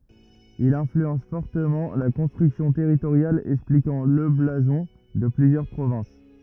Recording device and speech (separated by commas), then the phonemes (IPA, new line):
rigid in-ear microphone, read sentence
il ɛ̃flyɑ̃s fɔʁtəmɑ̃ la kɔ̃stʁyksjɔ̃ tɛʁitoʁjal ɛksplikɑ̃ lə blazɔ̃ də plyzjœʁ pʁovɛ̃s